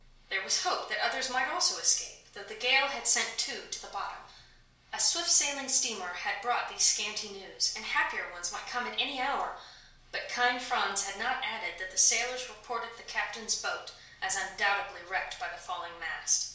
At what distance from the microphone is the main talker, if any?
1.0 m.